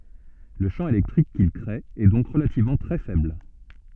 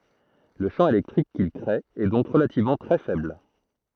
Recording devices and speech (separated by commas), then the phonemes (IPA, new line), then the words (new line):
soft in-ear microphone, throat microphone, read sentence
lə ʃɑ̃ elɛktʁik kil kʁee ɛ dɔ̃k ʁəlativmɑ̃ tʁɛ fɛbl
Le champ électrique qu'il créé est donc relativement très faible.